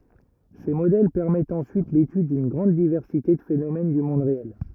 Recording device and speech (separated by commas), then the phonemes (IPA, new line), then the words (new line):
rigid in-ear microphone, read sentence
se modɛl pɛʁmɛtt ɑ̃syit letyd dyn ɡʁɑ̃d divɛʁsite də fenomɛn dy mɔ̃d ʁeɛl
Ces modèles permettent ensuite l'étude d'une grande diversité de phénomène du monde réel.